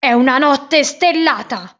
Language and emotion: Italian, angry